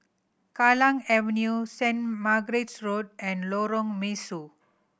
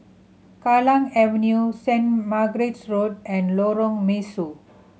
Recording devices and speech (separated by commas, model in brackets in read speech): boundary microphone (BM630), mobile phone (Samsung C7100), read sentence